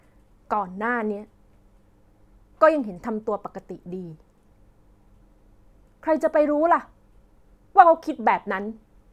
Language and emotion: Thai, frustrated